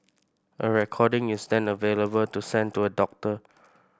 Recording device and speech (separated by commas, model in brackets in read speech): boundary microphone (BM630), read sentence